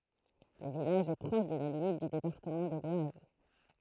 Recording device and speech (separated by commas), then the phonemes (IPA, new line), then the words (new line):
throat microphone, read sentence
lə vilaʒ ɛ pʁɔʃ də la limit dy depaʁtəmɑ̃ də lwaz
Le village est proche de la limite du département de l'Oise.